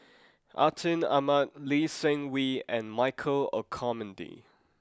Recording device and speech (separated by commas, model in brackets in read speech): close-talking microphone (WH20), read sentence